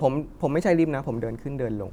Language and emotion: Thai, neutral